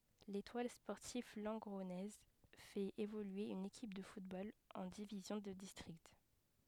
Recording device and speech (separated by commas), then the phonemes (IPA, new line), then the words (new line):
headset microphone, read sentence
letwal spɔʁtiv lɑ̃ɡʁɔnɛz fɛt evolye yn ekip də futbol ɑ̃ divizjɔ̃ də distʁikt
L'Étoile sportive lengronnaise fait évoluer une équipe de football en division de district.